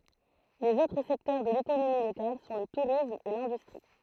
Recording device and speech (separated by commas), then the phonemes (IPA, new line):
throat microphone, read sentence
lez otʁ sɛktœʁ də lekonomi lokal sɔ̃ lə tuʁism e lɛ̃dystʁi